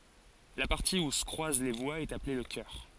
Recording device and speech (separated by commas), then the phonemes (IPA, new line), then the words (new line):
forehead accelerometer, read sentence
la paʁti u sə kʁwaz le vwaz ɛt aple lə kœʁ
La partie où se croisent les voies est appelée le cœur.